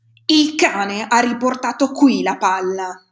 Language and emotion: Italian, angry